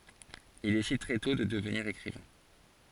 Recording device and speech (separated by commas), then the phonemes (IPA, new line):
forehead accelerometer, read sentence
il desid tʁɛ tɔ̃ də dəvniʁ ekʁivɛ̃